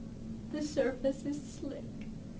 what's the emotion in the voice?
sad